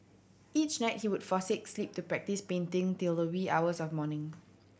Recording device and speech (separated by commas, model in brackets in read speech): boundary microphone (BM630), read sentence